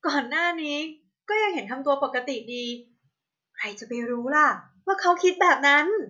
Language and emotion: Thai, happy